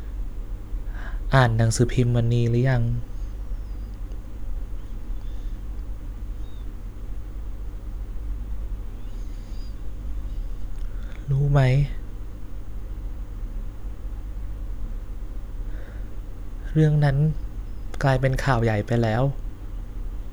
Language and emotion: Thai, sad